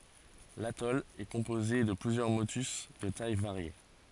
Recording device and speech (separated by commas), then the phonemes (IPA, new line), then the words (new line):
forehead accelerometer, read sentence
latɔl ɛ kɔ̃poze də plyzjœʁ motys də taj vaʁje
L’atoll est composé de plusieurs motus de tailles variées.